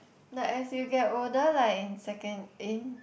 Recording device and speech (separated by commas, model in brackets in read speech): boundary microphone, conversation in the same room